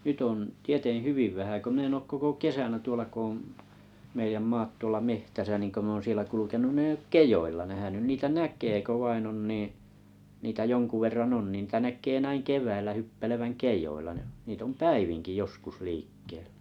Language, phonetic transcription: Finnish, 'nytt ‿on , 'tieteᵉ̰ "hyviv 'vähä kö min ‿eŋ 'koko "kesänä 'tuola ko om , 'meijäm "maat 'tuolla "mehtäsa niŋ ko mⁱ ‿oon 'sielä 'kulukenun nⁱ˘ᵉⁱ'j ‿ook "kejoilla 'nähänyn 'niitä "näk̀ee 'ko 'vain ‿on 'niiⁱ̰ , niitä 'jonku verran "on nii , niitä 'näk̆kee näiŋ "kev̀äillä 'hyppeleväŋ "kej̆joilla (ja) , niit ‿om "päiviŋki 'joskus 'liikkeeʟ(ʟᴀ̈) .
- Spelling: nyt on tieten hyvin vähän kun minä en koko kesänä tuolla kun on meidän maat tuolla metsässä niin kun minä olen siellä kulkenut niin ei ole kedoilla nähnyt niitä näkee kun vain on niin niitä jonkun verran on niin niitä näkee näin keväällä hyppelevän kedoilla ja niitä on päivinkin joskus liikkeellä

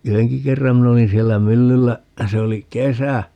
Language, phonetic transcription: Finnish, "yheŋki 'kerram 'min ‿olin siellä "myllyllä , 'se oli "kesä .
- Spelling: yhdenkin kerran minä olin siellä myllyllä se oli kesä

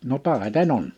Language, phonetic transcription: Finnish, » no "tàite'n ‿on ! «
- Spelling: no taiten on

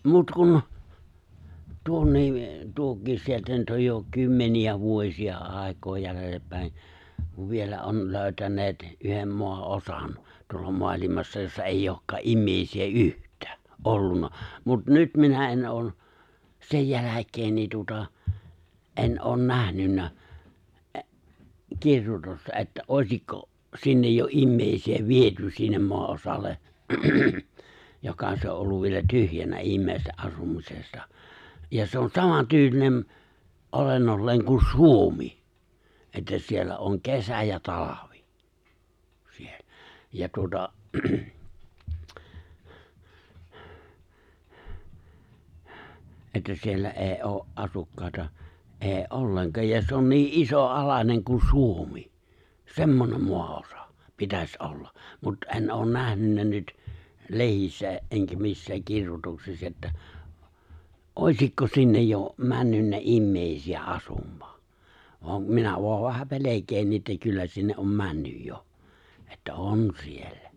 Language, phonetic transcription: Finnish, 'mut 'kun , 'tuonnii , 'tuokiis 'sieltä nyt oj jo 'kymmeni₍ä 'vuośi₍a 'àek̀oo jälellep pä̀en̬ , kuv 'vielä '’on 'lö̀ytäǹeet , 'yhem 'moa'’osan , 'tuolla 'moalimassa 'jossa eij'j ‿òkkaa '’immèisi₍ä "’yht̀ᴀ̈ᴀ̈ , '’ollun̆na , mut 'nyt minä en '’oon̬ , 'sej 'jäläk̀een niin tuota , '’en ’oon 'nähnynnä , ’e’- 'kirjutosta että '’òi̬sikko’ , 'sinnej jo '’immèisi₍ä "viety 'sinnem 'moa'’osal̆le , 'joka se o '’olluv vielä 'tyhjänä 'immèiste’ '’asumisesta , ja se on 'samantyylinem , '’olennolleeŋ kun̬ "Suomi , 'että 'siellä oŋ 'kesä ja 'talavi , siellᴀ̈ , 'ja tuota , 'että 'siellä '’ee '’oo , '’asukkàeta , '’ee "’olleŋkaaj ja se 'on 'nii’ '’iso'’alaneŋ ku 'Suomi , 'semmonem 'moa₍osa , 'pitäs '’olla , mut 'e̬n ’oon 'nähnynnä nyt , 'le̬hissä , ’eŋkä 'missääk 'kirjutoksiss ‿että , '’òisikko 'sinnej 'jo , 'männynnä '’immèisi₍ä '’asum̀ᴀᴀ , voa , 'minä voa vähä 'pelek̀een nii ’että 'kyllä 'sinne’ ’om 'männyj jo , että "on 'siellä .
- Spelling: mutta kun tuonne tuokin sieltä nyt on jo kymmeniä vuosia aikaa jäljellä päin kun vielä on löytäneet yhden maanosan tuolla maailmassa jossa ei olekaan ihmisiä yhtään ollut mutta nyt minä en ole sen jälkeen niin tuota en ole nähnyt - kirjoitusta että olisiko sinne jo ihmisiä viety sinne maanosalle joka se on ollut vielä tyhjänä ihmisten asumisesta ja se on samantyylinen olennolleen kuin Suomi että siellä on kesä ja talvi siellä ja tuota että siellä ei ole asukkaita ei ollenkaan ja se on niin isoalainen kuin Suomi semmoinen maanosa pitäisi olla mutta en ole nähnyt nyt lehdissä enkä missään kirjoituksissa että olisiko sinne jo mennyt ihmisiä asumaan vaan minä vain vähän pelkään niin että kyllä sinne on mennyt jo että on siellä

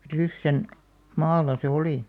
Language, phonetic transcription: Finnish, Ryssän , 'maalla se "olì§ .
- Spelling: Ryssän maalla se oli

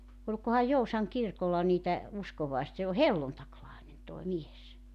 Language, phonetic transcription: Finnish, oĺkohaj 'Jousaŋ 'kirkolla niitä , 'uskovaes- se o "helluntaklaenen tòi 'mies .
- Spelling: olikohan Joutsan kirkolla niitä - se on helluntailainen tuo mies

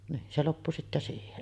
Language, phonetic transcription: Finnish, niin se 'loppu sittä siihen .
- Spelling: niin se loppui sitten siihen

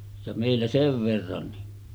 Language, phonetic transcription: Finnish, ja mèillä 'sev verran ni .
- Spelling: ja meillä sen verran niin

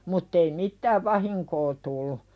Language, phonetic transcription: Finnish, mutt ‿ei "mit-tääv 'vahiŋkoo tullu .
- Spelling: mutta ei mitään vahinkoa tullut

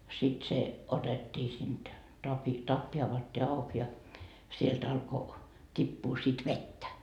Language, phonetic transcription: Finnish, sit se , 'otettii sinD , tapi , 'tappi avattii 'auk ja , sielt 'alko , t́ippuu sit "vettä .
- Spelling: sitten se otettiin siitä tapin tappi avattiin auki ja sieltä alkoi tippua sitten vettä

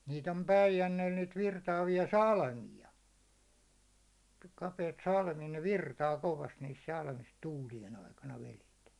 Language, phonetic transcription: Finnish, 'niit ‿om "Päijänneel niit virtaavi₍a "salmi₍a , kapeit 'salmi₍a ne 'virtaa kovast niis salmis 'tuulijen aikana velet .
- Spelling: niitä on Päijänteellä niitä virtaavia salmia kapeita salmia ne virtaa kovasti niissä salmissa tuulien aikana vedet

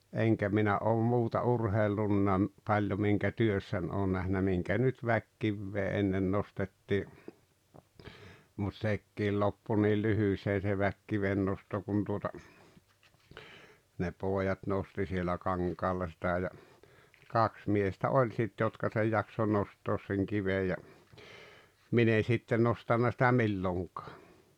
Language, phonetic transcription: Finnish, 'eŋkä minä ’oom 'muuta 'urheillunna , 'paĺjo miŋkä "työssän oon nähnä 'miŋkä nyt "väkkivvee 'ennen 'nostettii , mut 'sekkiil 'loppu niil 'lyhyśee se 'väkkivennosto kun tuota , ne 'poojat 'nosti sielä 'kaŋkaalla sitä ja , "kaks 'miestä "oĺ sit 'jotka sej 'jakso 'nost̀oos seŋ 'kivej ja , 'min ‿e sitte 'nostanna sitä "milloŋkaa .
- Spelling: enkä minä ole muuta urheillut paljon minkä työssäni olen nähnyt minkä nyt väkikiveä ennen nostettiin mutta sekin loppui niin lyhyeen se väkikivennosto kun tuota ne pojat nosti siellä kankaalla sitä ja kaksi miestä oli sitten jotka sen jaksoi nostaa sen kiven ja minä en sitten nostanut sitä milloinkaan

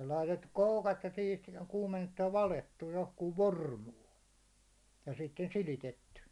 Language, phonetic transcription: Finnish, ja laitettuk 'koukat ja siit 'kuumennettuj ja 'valettuj johkuuv "vormuu , ja sitten 'silitetty .
- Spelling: ja laitettu koukat ja siitä kuumennettu ja valettu johonkin formuun ja sitten silitetty

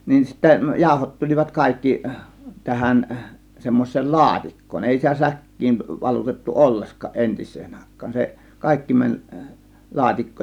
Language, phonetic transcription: Finnish, nin sittä 'jàȯhot tul͕ivat 'kàėkki , 'tähän , 'semmois̆seel "laatik̀koon , 'èi sitä "säk̀kiin 'valutettu "olleskăˀ "ˀentis̆seen 'àėk̆kAAN , se "kàėkki 'mäń , "laatikkoon .
- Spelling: niin sitten jauhot tulivat kaikki tähän semmoiseen laatikkoon ei sitä säkkiin valutettu ollenkaan entiseen aikaan se kaikki meni laatikkoon

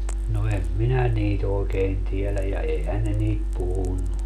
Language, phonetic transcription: Finnish, no 'em 'minä niit ‿ookeen tieläj ja 'eihän ne niit 'puhunnu .
- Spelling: no en minä niitä oikein tiedä ja eihän ne niitä puhunut

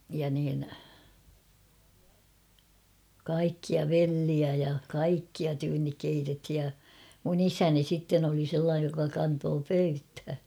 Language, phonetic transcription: Finnish, ja niin , 'kaikkia "velliä ja "kaikkia tyynnik 'keitethi̳ ja , mun ‿"isäni sitten ‿oli 'sellaaj joka 'kantoo "pöythä .
- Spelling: ja niin kaikkia vellejä ja kaikkia tyynni keitettiin ja minun isäni sitten oli sellainen joka kantoi pöytään

